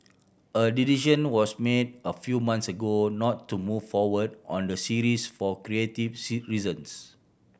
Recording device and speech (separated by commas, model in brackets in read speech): boundary microphone (BM630), read sentence